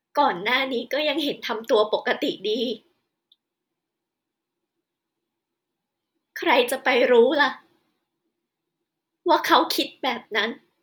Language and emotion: Thai, sad